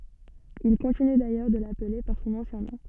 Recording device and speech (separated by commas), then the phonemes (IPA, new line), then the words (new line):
soft in-ear microphone, read sentence
il kɔ̃tiny dajœʁ də laple paʁ sɔ̃n ɑ̃sjɛ̃ nɔ̃
Il continue d'ailleurs de l'appeler par son ancien nom.